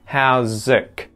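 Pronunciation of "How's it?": In 'how's it', the final t is released as a k sound.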